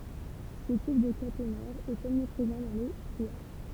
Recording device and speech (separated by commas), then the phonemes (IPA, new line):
temple vibration pickup, read sentence
sə tip də katenɛʁ ɛt ɔmnipʁezɑ̃ dɑ̃ le tʁiaʒ